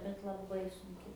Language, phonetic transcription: Lithuanian, bet laˈbai sunˈki

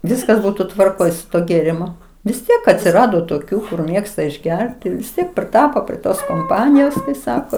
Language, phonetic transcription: Lithuanian, ˈviskas ˈbūtu tvarˈkoj su ˈtuo gėriˈmu vis ˈtiek atsiˈrado toˈkių kur ˈmėgsta išˈgerti vis ˈtiek priˈtapo prie ˈtos komˈpanijos ˈsako

